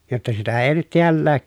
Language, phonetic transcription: Finnish, jotta sitä èi nyt tiällää ,.
- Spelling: jotta sitä ei nyt täälläkään

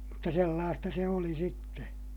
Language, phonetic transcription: Finnish, mutta sellaasta se oli sitte .
- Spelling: mutta sellaista se oli sitten

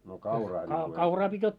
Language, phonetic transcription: Finnish, no 'kauraa ńiŋku ensi .
- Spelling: no kauraa niin kuin ensin

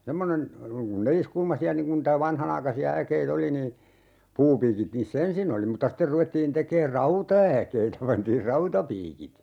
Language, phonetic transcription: Finnish, 'semmonen , (noiŋ) kun 'neliskulmasi₍a niŋ kun ntä 'vanhanaikasi₍a 'äkei"t ‿oli nii , 'puupiikit niis"s ‿ensin ‿oli mutta 'ster 'ruvettiin 'tekeer "rauta₍äkeitä 'pantiir "rautapiikit .
- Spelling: semmoinen noin kun neliskulmaisia niin kuin niitä vanhanaikaisia äkeitä oli niin puupiikit niissä ensin oli mutta sitten ruvettiin tekemään rautaäkeitä pantiin rautapiikit

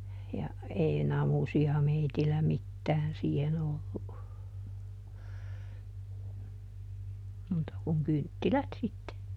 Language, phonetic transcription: Finnish, ja , ˈei "namusi₍a ˈmeitillä ˈmittään ˈsiihen ‿ollu , ˈmuuta kuŋ "kynttilät sitte .
- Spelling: ja ei namusia meillä mitään siihen ollut muuta kuin kynttilät sitten

